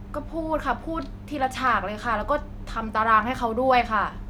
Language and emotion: Thai, frustrated